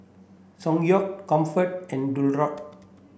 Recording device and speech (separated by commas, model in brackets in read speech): boundary microphone (BM630), read sentence